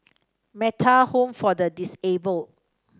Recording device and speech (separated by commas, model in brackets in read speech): standing microphone (AKG C214), read sentence